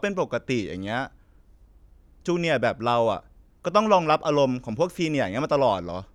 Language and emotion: Thai, frustrated